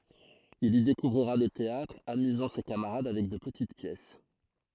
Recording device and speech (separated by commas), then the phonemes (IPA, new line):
throat microphone, read sentence
il i dekuvʁiʁa lə teatʁ amyzɑ̃ se kamaʁad avɛk də pətit pjɛs